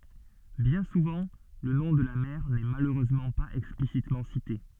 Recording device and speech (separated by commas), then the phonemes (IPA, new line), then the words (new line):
soft in-ear microphone, read sentence
bjɛ̃ suvɑ̃ lə nɔ̃ də la mɛʁ nɛ maløʁøzmɑ̃ paz ɛksplisitmɑ̃ site
Bien souvent le nom de la mère n'est malheureusement pas explicitement cité.